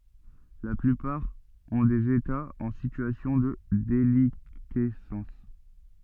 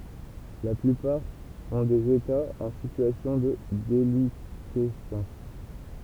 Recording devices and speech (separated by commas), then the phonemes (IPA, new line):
soft in-ear microphone, temple vibration pickup, read sentence
la plypaʁ ɔ̃ dez etaz ɑ̃ sityasjɔ̃ də delikɛsɑ̃s